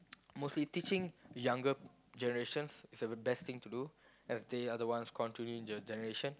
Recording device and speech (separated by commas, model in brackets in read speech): close-talking microphone, conversation in the same room